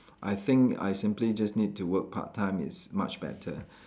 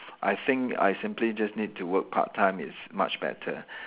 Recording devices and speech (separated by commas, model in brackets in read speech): standing microphone, telephone, conversation in separate rooms